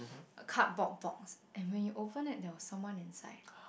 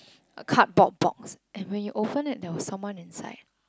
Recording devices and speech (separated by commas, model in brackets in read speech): boundary microphone, close-talking microphone, conversation in the same room